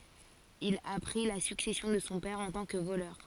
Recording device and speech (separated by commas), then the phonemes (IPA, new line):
forehead accelerometer, read sentence
il a pʁi la syksɛsjɔ̃ də sɔ̃ pɛʁ ɑ̃ tɑ̃ kə volœʁ